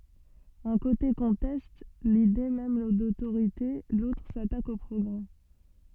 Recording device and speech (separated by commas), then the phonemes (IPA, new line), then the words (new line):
soft in-ear microphone, read sentence
œ̃ kote kɔ̃tɛst lide mɛm dotoʁite lotʁ satak o pʁɔɡʁɛ
Un côté conteste l’idée même d’autorité, l’autre s'attaque au progrès.